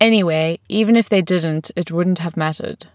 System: none